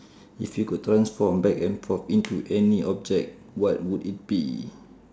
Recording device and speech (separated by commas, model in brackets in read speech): standing microphone, conversation in separate rooms